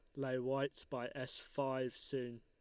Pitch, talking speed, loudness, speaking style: 130 Hz, 165 wpm, -42 LUFS, Lombard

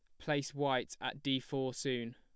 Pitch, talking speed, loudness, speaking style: 135 Hz, 185 wpm, -37 LUFS, plain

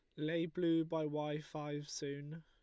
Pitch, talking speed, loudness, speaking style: 155 Hz, 160 wpm, -40 LUFS, Lombard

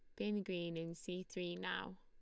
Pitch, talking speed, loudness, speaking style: 175 Hz, 200 wpm, -44 LUFS, Lombard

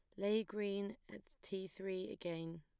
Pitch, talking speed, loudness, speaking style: 195 Hz, 150 wpm, -43 LUFS, plain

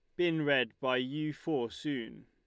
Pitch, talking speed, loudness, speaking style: 140 Hz, 175 wpm, -33 LUFS, Lombard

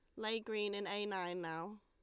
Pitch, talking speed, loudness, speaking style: 205 Hz, 220 wpm, -41 LUFS, Lombard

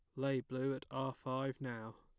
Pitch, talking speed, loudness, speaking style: 130 Hz, 200 wpm, -41 LUFS, plain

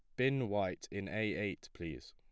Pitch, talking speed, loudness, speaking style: 105 Hz, 190 wpm, -38 LUFS, plain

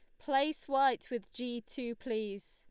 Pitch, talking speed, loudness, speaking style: 245 Hz, 155 wpm, -35 LUFS, Lombard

